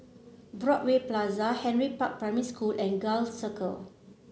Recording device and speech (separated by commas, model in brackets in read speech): mobile phone (Samsung C7), read sentence